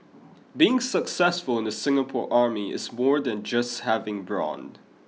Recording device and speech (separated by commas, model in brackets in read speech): mobile phone (iPhone 6), read sentence